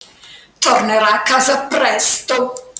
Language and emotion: Italian, disgusted